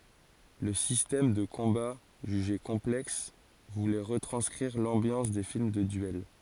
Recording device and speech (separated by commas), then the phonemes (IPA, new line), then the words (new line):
forehead accelerometer, read sentence
lə sistɛm də kɔ̃ba ʒyʒe kɔ̃plɛks vulɛ ʁətʁɑ̃skʁiʁ lɑ̃bjɑ̃s de film də dyɛl
Le système de combat, jugé complexe, voulait retranscrire l'ambiance des films de duel.